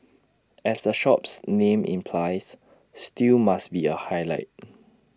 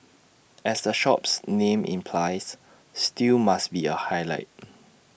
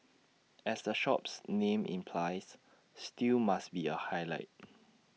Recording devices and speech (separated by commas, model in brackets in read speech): standing microphone (AKG C214), boundary microphone (BM630), mobile phone (iPhone 6), read sentence